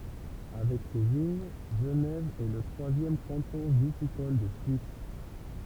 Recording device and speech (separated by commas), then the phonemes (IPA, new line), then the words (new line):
temple vibration pickup, read sentence
avɛk se də viɲ ʒənɛv ɛ lə tʁwazjɛm kɑ̃tɔ̃ vitikɔl də syis
Avec ses de vignes, Genève est le troisième canton viticole de Suisse.